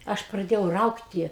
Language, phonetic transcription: Lithuanian, ˈaš praˈdėjau ˈraugti

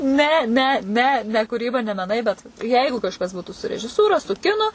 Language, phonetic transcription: Lithuanian, ˈne ˈne ˈne ne kūˈryba ne meˈnai bet ˈjeigu kažˈkas ˈbūtų su režiˈsūra su ˈkinu

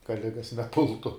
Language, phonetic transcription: Lithuanian, ka ˈligas neˈpultu

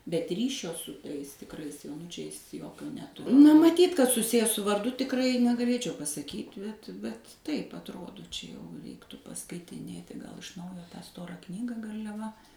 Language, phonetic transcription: Lithuanian, bet ˈryšio su ˈtais tikˈrais joˈnučiais ˈjokio neˈtu na maˈtyt kad suˈsiję su varˈdu tikˈrai negaˈlėčiau pasaˈkyt' bet bet ˈtaip atˈrodo ˈčia jau ˈreiktu paskaitiˈnėti gal iš ˈnaujo tą ˈstorą ˈknyga garliaˈva

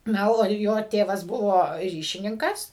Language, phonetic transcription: Lithuanian, ˈna o ˈjo ˈtėvas ˈbuvo ˈryšininkas

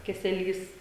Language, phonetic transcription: Lithuanian, keseˈlys

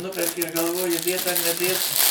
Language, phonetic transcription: Lithuanian, ˈnuperki ir galˈvoji ˈdėt ar neˈdėt

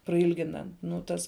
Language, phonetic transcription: Lithuanian, praˈilgina nū ˈtas

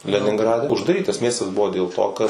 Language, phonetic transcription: Lithuanian, leninˈgrade uždaˈrytas ˈmiestas ˈbuvo dėl ˈto kad

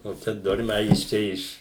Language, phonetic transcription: Lithuanian, nu ˈčia ˈdormiai a ˈjis iš ˈčia ˈiš

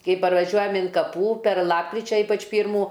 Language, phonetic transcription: Lithuanian, ˈkai parvaˈžiuojam in kaˈpų per ˈlapkričia ˈypač ˈpyrmų

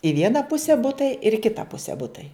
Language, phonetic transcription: Lithuanian, i ˈviena ˈpuse ˈbutai ir i ˈkita ˈpuse ˈbutai

